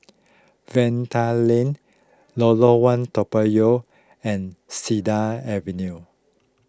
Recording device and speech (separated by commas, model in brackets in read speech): close-talking microphone (WH20), read sentence